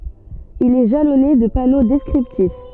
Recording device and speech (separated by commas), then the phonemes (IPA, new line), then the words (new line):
soft in-ear microphone, read sentence
il ɛ ʒalɔne də pano dɛskʁiptif
Il est jalonné de panneaux descriptifs.